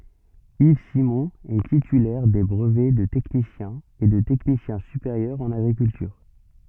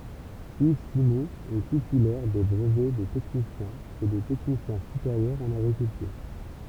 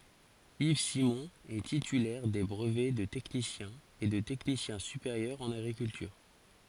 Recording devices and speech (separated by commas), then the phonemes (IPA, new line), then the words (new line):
soft in-ear microphone, temple vibration pickup, forehead accelerometer, read sentence
iv simɔ̃ ɛ titylɛʁ de bʁəvɛ də tɛknisjɛ̃ e də tɛknisjɛ̃ sypeʁjœʁ ɑ̃n aɡʁikyltyʁ
Yves Simon est titulaire des brevets de technicien et de technicien supérieur en agriculture.